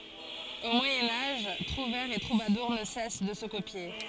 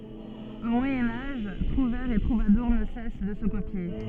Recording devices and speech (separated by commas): forehead accelerometer, soft in-ear microphone, read sentence